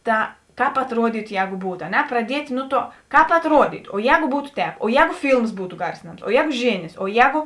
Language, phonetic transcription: Lithuanian, ˈta ˈkāp atruoˈdytu ˈjēgu ˈbūt a ˈne pradiet' ˈnu ˌtuo ˈkāp atruoˈdytu o ˈjēgu ˈbūtu ˈtēp o ˈjēgu ˈfylms ˈbūtu ˈgarsinams o ˈjēgu ˈžėnės o ˈjēgu

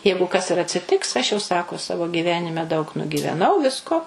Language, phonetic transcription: Lithuanian, ˈjeigu kas ir atsiˈtiks aš jau ˈsako ˈsavo gyˈvenime daug nugyveˈnau ˈvisko

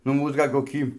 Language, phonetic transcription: Lithuanian, nu ˈmūs ˈgal' koˈkį

